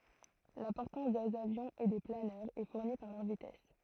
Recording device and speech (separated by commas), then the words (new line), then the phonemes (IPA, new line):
throat microphone, read sentence
La portance des avions et des planeurs est fournie par leur vitesse.
la pɔʁtɑ̃s dez avjɔ̃z e de planœʁz ɛ fuʁni paʁ lœʁ vitɛs